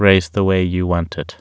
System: none